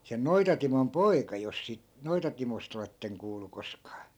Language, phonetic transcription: Finnish, sen 'noitatimon "poika , jos sìt , 'noitatimost ‿oletteŋ 'kuulu 'koskaa .
- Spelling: sen Noita-Timon poika jos siitä Noita-Timosta olette kuullut koskaan

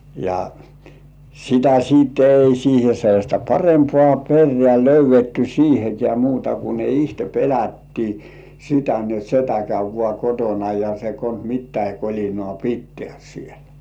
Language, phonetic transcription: Finnish, ja , sitä 'siit ei siihe sellaśta "parempŏà 'perrĕä̀ löyv̆vetty "siihekĕä̀ muuta ku ne 'ihte "pelättii , sitä ni ‿ot "setä käy(p) vŏà 'kotona ja se kons "mittäi 'koĺinŏà "pitteä̀ siel .
- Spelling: ja sitä sitten ei siihen sellaista parempaa perää löydetty siihenkään muuta kuin ne itse pelättiin sitä niin jotta setä käy vain kotona ja se konsa mitäkin kolinoita pitää siellä

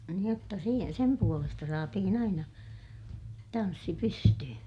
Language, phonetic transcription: Finnish, nⁱ ‿otta si- , sem puolesta saatihin ‿aina , tanssi pysty(hy) .
- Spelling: niin jotta - sen puolesta saatiin aina tanssi pystyyn

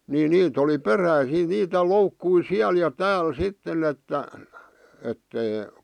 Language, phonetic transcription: Finnish, ni 'niit ‿oli "peräisii niitä 'loukkui "siäl ja "tääl "sitten ‿että , ettei ,.
- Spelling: niin niitä oli peräisin niitä loukkuja siellä ja täällä sitten että että ei

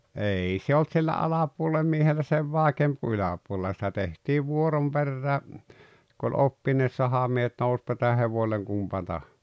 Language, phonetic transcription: Finnish, ei se olt sillä 'alapuolem miehellä "sev 'vàekeemp ku 'yläpuolella sitä 'tehtiiv 'vuorom 'perrää , ku oĺ "oppineet "sahamiehet 'nouspa ˢⁱtä 'hevoⁱlleŋ 'kumpa tah- .
- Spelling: ei se ollut sillä alapuolen miehellä sen vaikeampaa kuin yläpuolella sitä tehtiin vuoron perään kun oli oppineet sahamiehet nousipa sitä hevoselle kumpi -

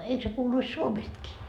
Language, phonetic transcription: Finnish, 'eik se kuuluis "Suomestkii ?
- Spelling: eikö se kuuluisi Suomestakin

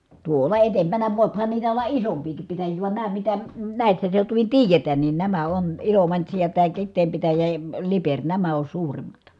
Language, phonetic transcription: Finnish, tuòla etempänä vòiphan niitä olla isompiikip pitäjii van nää mitä , nä̀issä seutuvin tiijetään nin nämä on , Ilomantsi ja tää Kit̆teem pitäjä ja ə Lipeŕ nämä on suurim̀at .
- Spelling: tuolla edempänä voihan niitä olla isompiakin pitäjiä vaan nämä mitä näissä seutuvin tiedetään niin nämä on Ilomantsi ja tämä Kiteen pitäjä ja - Liperi nämä on suurimmat

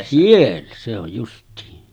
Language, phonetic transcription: Finnish, 'siellä se ‿oj justiin .
- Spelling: siellä se on justiin

